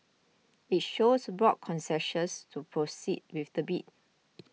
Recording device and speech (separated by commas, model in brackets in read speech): mobile phone (iPhone 6), read sentence